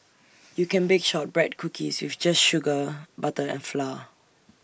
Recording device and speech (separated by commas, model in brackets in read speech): boundary microphone (BM630), read sentence